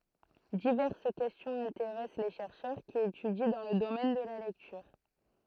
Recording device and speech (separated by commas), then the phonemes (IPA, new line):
throat microphone, read sentence
divɛʁs kɛstjɔ̃z ɛ̃teʁɛs le ʃɛʁʃœʁ ki etydi dɑ̃ lə domɛn də la lɛktyʁ